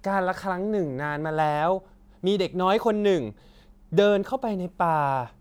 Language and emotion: Thai, neutral